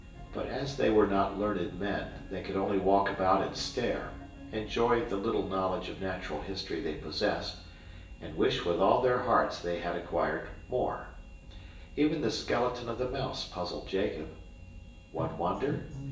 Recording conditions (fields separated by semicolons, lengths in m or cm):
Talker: one person; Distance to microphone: 1.8 m; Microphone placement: close; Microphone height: 1.0 m; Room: large; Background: music